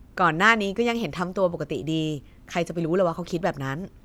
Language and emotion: Thai, neutral